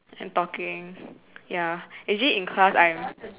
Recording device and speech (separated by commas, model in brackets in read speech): telephone, conversation in separate rooms